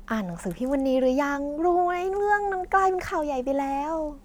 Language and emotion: Thai, happy